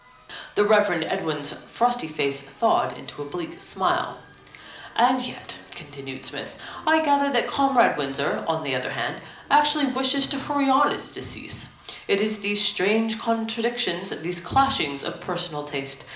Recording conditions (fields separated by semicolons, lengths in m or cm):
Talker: one person; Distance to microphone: 2.0 m; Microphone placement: close; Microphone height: 99 cm; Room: medium-sized (5.7 m by 4.0 m); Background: music